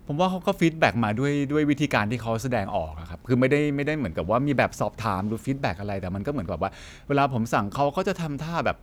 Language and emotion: Thai, frustrated